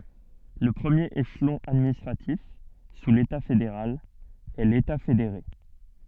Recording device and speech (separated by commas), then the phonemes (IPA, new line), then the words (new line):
soft in-ear microphone, read sentence
lə pʁəmjeʁ eʃlɔ̃ administʁatif su leta fedeʁal ɛ leta fedeʁe
Le premier échelon administratif, sous l’État fédéral, est l’État fédéré.